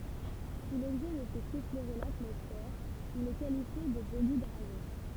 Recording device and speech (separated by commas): temple vibration pickup, read sentence